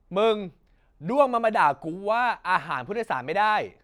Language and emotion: Thai, angry